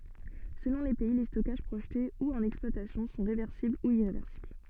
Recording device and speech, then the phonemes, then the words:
soft in-ear microphone, read sentence
səlɔ̃ le pɛi le stɔkaʒ pʁoʒte u ɑ̃n ɛksplwatasjɔ̃ sɔ̃ ʁevɛʁsibl u iʁevɛʁsibl
Selon les pays, les stockages projetés ou en exploitation sont réversibles ou irréversibles.

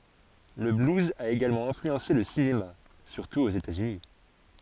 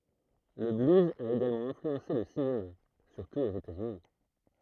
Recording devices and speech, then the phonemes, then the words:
forehead accelerometer, throat microphone, read sentence
lə bluz a eɡalmɑ̃ ɛ̃flyɑ̃se lə sinema syʁtu oz etaz yni
Le blues a également influencé le cinéma, surtout aux États-Unis.

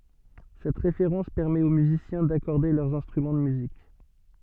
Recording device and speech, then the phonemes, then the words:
soft in-ear microphone, read sentence
sɛt ʁefeʁɑ̃s pɛʁmɛt o myzisjɛ̃ dakɔʁde lœʁz ɛ̃stʁymɑ̃ də myzik
Cette référence permet aux musiciens d'accorder leurs instruments de musique.

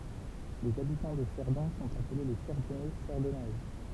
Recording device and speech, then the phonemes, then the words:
temple vibration pickup, read sentence
lez abitɑ̃ də sɛʁdɔ̃ sɔ̃t aple le sɛʁdɔnɛ sɛʁdɔnɛz
Les habitants de Cerdon sont appelés les Cerdonnais, Cerdonnaises.

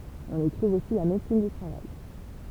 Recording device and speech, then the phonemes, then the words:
temple vibration pickup, read sentence
ɔ̃n i tʁuv osi la medəsin dy tʁavaj
On y trouve aussi la médecine du travail.

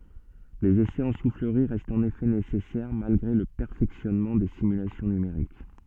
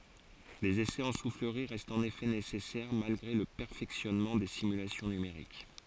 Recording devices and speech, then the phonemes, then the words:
soft in-ear microphone, forehead accelerometer, read sentence
lez esɛz ɑ̃ sufləʁi ʁɛstt ɑ̃n efɛ nesɛsɛʁ malɡʁe lə pɛʁfɛksjɔnmɑ̃ de simylasjɔ̃ nymeʁik
Les essais en soufflerie restent en effet nécessaires, malgré le perfectionnement des simulations numériques.

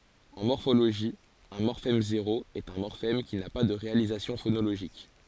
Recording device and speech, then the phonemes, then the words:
forehead accelerometer, read sentence
ɑ̃ mɔʁfoloʒi œ̃ mɔʁfɛm zeʁo ɛt œ̃ mɔʁfɛm ki na pa də ʁealizasjɔ̃ fonoloʒik
En morphologie, un morphème zéro est un morphème qui n'a pas de réalisation phonologique.

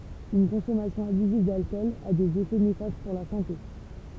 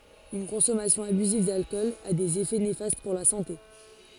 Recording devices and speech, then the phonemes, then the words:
temple vibration pickup, forehead accelerometer, read sentence
yn kɔ̃sɔmasjɔ̃ abyziv dalkɔl a dez efɛ nefast puʁ la sɑ̃te
Une consommation abusive d'alcool a des effets néfastes pour la santé.

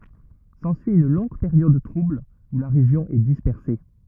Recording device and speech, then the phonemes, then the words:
rigid in-ear microphone, read sentence
sɑ̃syi yn lɔ̃ɡ peʁjɔd tʁubl u la ʁeʒjɔ̃ ɛ dispɛʁse
S'ensuit une longue période trouble où la région est dispersée.

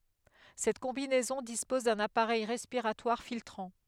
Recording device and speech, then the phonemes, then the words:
headset microphone, read sentence
sɛt kɔ̃binɛzɔ̃ dispɔz dœ̃n apaʁɛj ʁɛspiʁatwaʁ filtʁɑ̃
Cette combinaison dispose d'un appareil respiratoire filtrant.

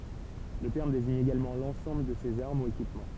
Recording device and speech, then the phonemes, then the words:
temple vibration pickup, read sentence
lə tɛʁm deziɲ eɡalmɑ̃ lɑ̃sɑ̃bl də sez aʁm u ekipmɑ̃
Le terme désigne également l'ensemble de ces armes ou équipements.

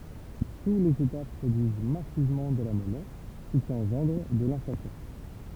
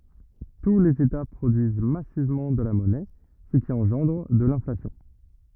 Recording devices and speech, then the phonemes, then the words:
temple vibration pickup, rigid in-ear microphone, read sentence
tu lez eta pʁodyiz masivmɑ̃ də la mɔnɛ sə ki ɑ̃ʒɑ̃dʁ də lɛ̃flasjɔ̃
Tous les États produisent massivement de la monnaie, ce qui engendre de l'inflation.

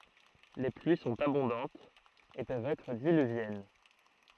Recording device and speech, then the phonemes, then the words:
throat microphone, read sentence
le plyi sɔ̃t abɔ̃dɑ̃tz e pøvt ɛtʁ dilyvjɛn
Les pluies sont abondantes et peuvent être diluviennes.

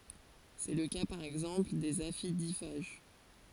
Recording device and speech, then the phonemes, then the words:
forehead accelerometer, read sentence
sɛ lə ka paʁ ɛɡzɑ̃pl dez afidifaʒ
C’est le cas par exemple des aphidiphages.

